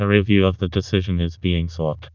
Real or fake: fake